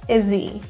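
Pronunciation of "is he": In 'is he', the h sound of 'he' is dropped, so 'he' sounds like 'e'.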